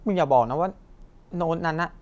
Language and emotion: Thai, frustrated